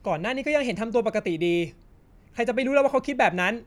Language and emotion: Thai, angry